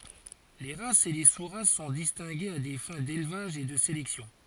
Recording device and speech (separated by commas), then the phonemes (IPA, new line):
forehead accelerometer, read sentence
le ʁasz e le su ʁas sɔ̃ distɛ̃ɡez a de fɛ̃ delvaʒ e də selɛksjɔ̃